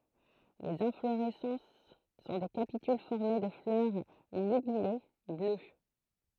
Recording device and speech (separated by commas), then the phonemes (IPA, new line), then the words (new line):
throat microphone, read sentence
lez ɛ̃floʁɛsɑ̃s sɔ̃ de kapityl fɔʁme də flœʁ liɡyle blø
Les inflorescences sont des capitules formées de fleurs ligulées, bleues.